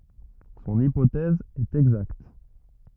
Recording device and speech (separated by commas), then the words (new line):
rigid in-ear microphone, read sentence
Son hypothèse est exacte.